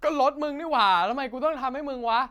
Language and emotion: Thai, angry